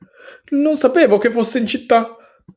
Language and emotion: Italian, fearful